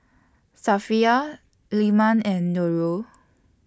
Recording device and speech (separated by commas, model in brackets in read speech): standing microphone (AKG C214), read sentence